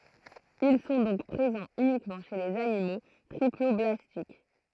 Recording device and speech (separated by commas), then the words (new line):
throat microphone, read sentence
Ils sont donc présents uniquement chez les animaux triploblastiques.